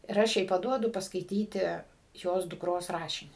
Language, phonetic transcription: Lithuanian, ir ˈaš jai paˈduodu paskaiˈtyti ˈjos dukˈros ˈrašinį

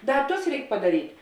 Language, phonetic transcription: Lithuanian, ˈda ˈtus ˈreik padaˈryt'

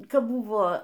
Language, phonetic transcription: Lithuanian, ˈkapˈbuvo

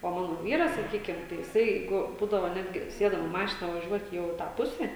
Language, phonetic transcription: Lithuanian, o ˈmano ˈvyras saˈkykim tai jiˈsai ˈjeigu ˈbūdavo ˈnetgi ˈsėdam i ˈmašina vaˈžiuot' ˈjau i ˈtą ˈpuse

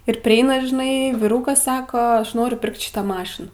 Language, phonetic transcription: Lithuanian, ir priˈeina žiˈnai viˈrukas ˈsako ˈaš ˈnoriu ˈpirkt ˈšitą ˈmašiną

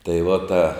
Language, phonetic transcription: Lithuanian, tai va ˈta

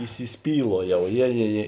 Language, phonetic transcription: Lithuanian, įsisˈpyluojau ˈjė jė jė

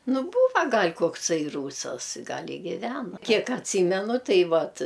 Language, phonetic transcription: Lithuanian, nu ˈbūva ˈgal' kokˈsai ˈrūsas ˈgal' i ˈgiveno ˈkiek atˈsymenu ˈtai ˈvat

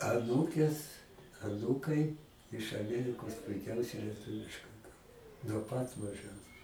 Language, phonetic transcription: Lithuanian, aˈnūkės aˈnūkai iš aˈmierikos puiˈkiausiai lieˈtuviškai ˈkal nuo ˈpat maˈžens

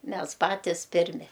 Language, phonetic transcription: Lithuanian, ˈmes ˈpatis ˈpirmi

